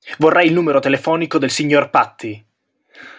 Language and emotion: Italian, angry